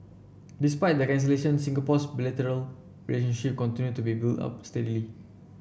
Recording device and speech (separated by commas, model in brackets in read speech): boundary microphone (BM630), read sentence